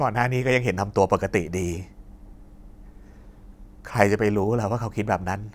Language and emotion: Thai, sad